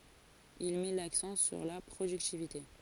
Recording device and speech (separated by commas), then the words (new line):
forehead accelerometer, read sentence
Il met l’accent sur la productivité.